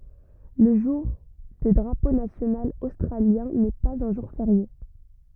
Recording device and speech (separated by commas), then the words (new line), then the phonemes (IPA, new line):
rigid in-ear microphone, read sentence
Le jour de Drapeau national australien n'est pas un jour férié.
lə ʒuʁ də dʁapo nasjonal ostʁaljɛ̃ nɛ paz œ̃ ʒuʁ feʁje